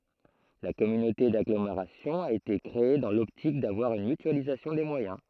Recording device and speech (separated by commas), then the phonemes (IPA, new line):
throat microphone, read sentence
la kɔmynote daɡlomeʁasjɔ̃ a ete kʁee dɑ̃ lɔptik davwaʁ yn mytyalizasjɔ̃ de mwajɛ̃